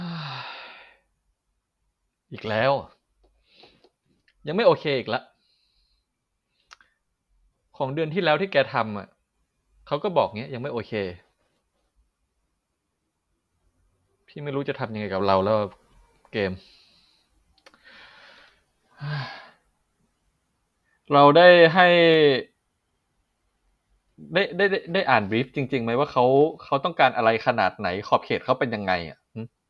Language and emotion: Thai, frustrated